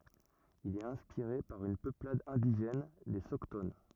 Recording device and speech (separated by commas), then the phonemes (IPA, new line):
rigid in-ear microphone, read sentence
il ɛt ɛ̃spiʁe paʁ yn pøplad ɛ̃diʒɛn le sɔkton